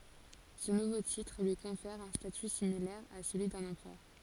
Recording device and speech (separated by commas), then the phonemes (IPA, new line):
forehead accelerometer, read sentence
sə nuvo titʁ lyi kɔ̃fɛʁ œ̃ staty similɛʁ a səlyi dœ̃n ɑ̃pʁœʁ